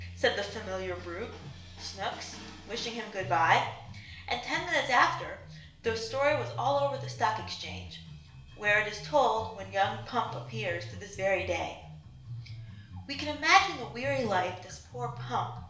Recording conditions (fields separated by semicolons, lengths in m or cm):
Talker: one person; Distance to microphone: 1.0 m; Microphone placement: close; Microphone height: 1.1 m; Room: small (3.7 m by 2.7 m); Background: music